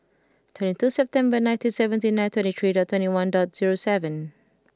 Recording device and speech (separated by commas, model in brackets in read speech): close-talking microphone (WH20), read sentence